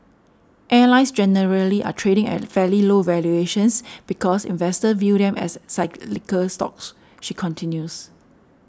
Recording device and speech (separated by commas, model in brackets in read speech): standing microphone (AKG C214), read sentence